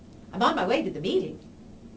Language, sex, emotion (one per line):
English
female
happy